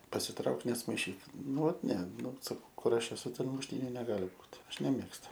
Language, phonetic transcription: Lithuanian, pasiˈtrauk nesmaiˈšyk ˈnu ˈvat ne ˈnu saˈkau ˈkur ˈaš eˈsu ˈten mušˈtyniu neˈgali ˈbūt ˈaš neˈmėgstu

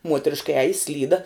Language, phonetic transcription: Lithuanian, ˈmuotriška ˈeji ˈslyda

